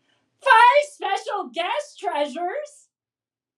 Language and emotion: English, happy